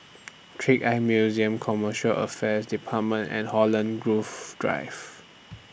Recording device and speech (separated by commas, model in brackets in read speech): boundary microphone (BM630), read sentence